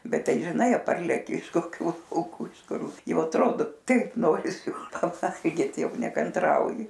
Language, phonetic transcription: Lithuanian, ˈbet ˈtai žiˈnai ˈparleki iš koˈkių lauˈkų iš ˈkur ˈjau atˈrodo ˈtaip ˈnorisi paˈvalgyt ˈjau nekanˈtrauji

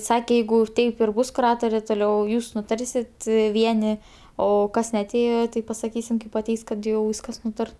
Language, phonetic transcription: Lithuanian, ˈsake ˈjeigu ˈtaip ir ˈbus kuˈratorė toˈliau ˈjūs nuˈtarsit ˈvieni o ˈkas neaˈtėjo tai pasaˈkysim kaip aˈteis kad ˈjau ˈvyskas ˈnūtar

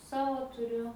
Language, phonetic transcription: Lithuanian, ˈsavo tuˈriu

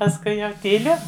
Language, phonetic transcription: Lithuanian, pasˈkui jau tyˈliu

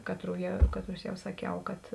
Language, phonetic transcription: Lithuanian, ˈkatrų ja ˈkatˌrus ˈjau saˈkiau kad

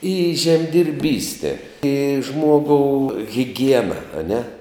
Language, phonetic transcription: Lithuanian, i žemdirˈbyste i ˈžmuogou hiˈgiena aˈne

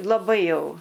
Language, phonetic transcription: Lithuanian, laˈbai ˈjau

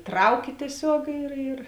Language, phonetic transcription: Lithuanian, ˈtrauki tieˈsiog ir ir

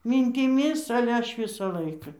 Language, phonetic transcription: Lithuanian, myntiˈmis ale ˈaš ˈvisa ˈlaika

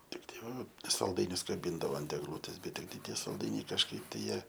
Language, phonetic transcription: Lithuanian, ˈtiktai ˈva salˈdainius kaˈbyndavo ant egˈlūtės ˈbet ˈtiktai ˈtie salˈdainiai kažˈkaip tai ˈjie

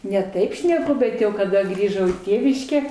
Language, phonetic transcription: Lithuanian, ne ˈtaip šneˈku ˈbet jau kaˈda ˈgrįžau į ˈtėviškę

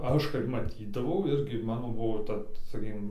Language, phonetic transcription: Lithuanian, ˈaš kaip maˈtydavau ˈirgi ˈmano ˈbuvo ˈta saˈkykim

